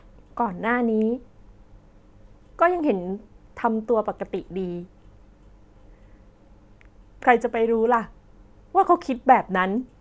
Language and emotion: Thai, frustrated